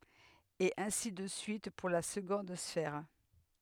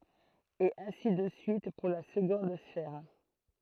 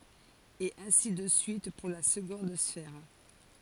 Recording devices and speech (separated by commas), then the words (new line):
headset microphone, throat microphone, forehead accelerometer, read sentence
Et ainsi de suite pour la seconde sphère.